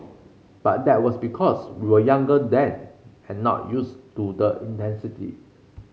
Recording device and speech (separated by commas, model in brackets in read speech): mobile phone (Samsung C5), read sentence